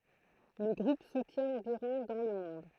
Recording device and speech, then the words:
throat microphone, read sentence
Le groupe soutient environ dans le monde.

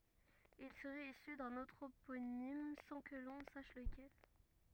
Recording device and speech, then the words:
rigid in-ear microphone, read sentence
Il serait issu d'un anthroponyme, sans que l'on sache lequel.

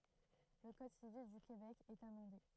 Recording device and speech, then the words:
throat microphone, read sentence
Le Code civil du Québec est amendé.

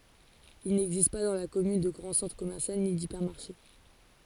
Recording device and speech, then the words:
forehead accelerometer, read sentence
Il n'existe pas dans la commune de grand centre commercial, ni d'hypermarché.

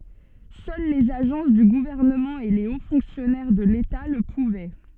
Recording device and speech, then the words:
soft in-ear microphone, read sentence
Seuls les agences du gouvernement et les hauts fonctionnaires de l'État le pouvaient.

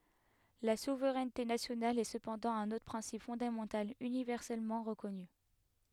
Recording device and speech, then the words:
headset microphone, read sentence
La souveraineté nationale est cependant un autre principe fondamental universellement reconnu.

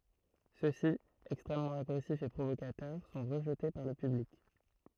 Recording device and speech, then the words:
throat microphone, read sentence
Ceux-ci, extrêmement agressifs et provocateurs, sont rejetés par le public.

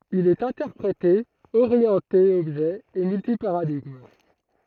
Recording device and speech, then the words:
throat microphone, read sentence
Il est interprété, orienté objet et multi-paradigme.

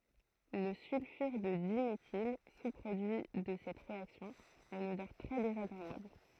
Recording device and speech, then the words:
throat microphone, read sentence
Le sulfure de diméthyle, sous-produit de cette réaction, a une odeur très désagréable.

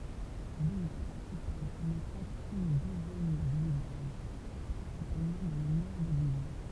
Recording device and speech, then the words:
temple vibration pickup, read sentence
L'île principale ne compte qu'une douzaine de villages, principalement dans le nord de l'île.

